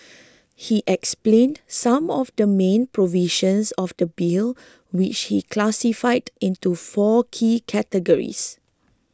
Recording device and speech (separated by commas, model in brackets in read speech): close-talking microphone (WH20), read sentence